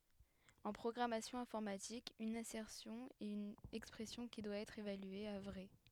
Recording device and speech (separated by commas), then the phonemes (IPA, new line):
headset microphone, read sentence
ɑ̃ pʁɔɡʁamasjɔ̃ ɛ̃fɔʁmatik yn asɛʁsjɔ̃ ɛt yn ɛkspʁɛsjɔ̃ ki dwa ɛtʁ evalye a vʁɛ